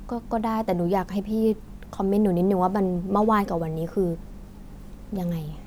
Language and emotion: Thai, neutral